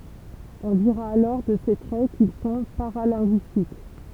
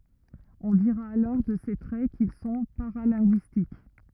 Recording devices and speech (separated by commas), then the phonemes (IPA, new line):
temple vibration pickup, rigid in-ear microphone, read sentence
ɔ̃ diʁa alɔʁ də se tʁɛ kil sɔ̃ paʁalɛ̃ɡyistik